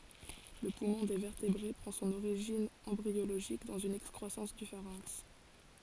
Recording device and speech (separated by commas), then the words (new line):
forehead accelerometer, read sentence
Le poumon des vertébrés prend son origine embryologique dans une excroissance du pharynx.